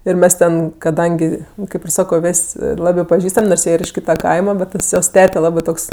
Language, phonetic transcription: Lithuanian, ir ˈmes ten kaˈdangi ˈkaip ir ˈsako ˈvės' ˈlabɜ paˈžįstam' nors ˈjie ir iš ˈkyta ˈkaima ˈbet ˈtas jos ˈtete ˈlabɜ ˈtoks

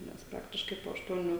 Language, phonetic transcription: Lithuanian, nes ˈpraktiškai po ašˈtuonių

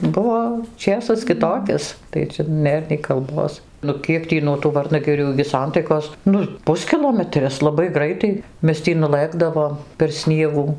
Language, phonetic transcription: Lithuanian, ˈbuvo ˈčėsas kiˈtokis tai ˈčia ˈnėr nei kalˈbos ˈnu ˈkiek tį nuo tų ˈvarnagirių igi ˈsantaikos ˈnu ˈpuskilometris laˈbai ˈgraitai ˈmes ˈtį nuˈlɘkdavom per ˈsniegų

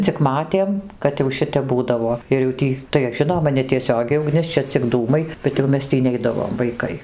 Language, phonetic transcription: Lithuanian, cik ˈmatėm kad jau ˈšitep ˈbūdavo ir jau ˈtį tai ˈžinoma netieˈsiogiai uˈgnis ˈčia cik ˈdūmai bet jau ˈmes ˈtį ˈneidavom vaiˈkai

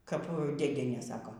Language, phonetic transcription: Lithuanian, kap dėˈdienė ˈsako

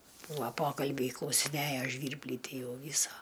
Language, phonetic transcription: Lithuanian, ˈbūa ˈpokalbiai klausiˈnæjo ˈžvyrblį ˈtį ˈjau ˈvysa

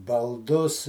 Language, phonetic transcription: Lithuanian, balˈdus

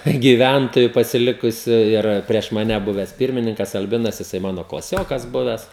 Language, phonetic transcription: Lithuanian, gyˈvæntoju pasiˈlikusiu ˈir prieš maˈne ˈbuves ˈpirmininkas alˈbinas jiˈsai ˈmano klaˈsiokas ˈbuves

